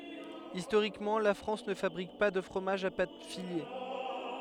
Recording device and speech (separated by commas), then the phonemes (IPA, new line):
headset microphone, read sentence
istoʁikmɑ̃ la fʁɑ̃s nə fabʁik pa də fʁomaʒz a pat file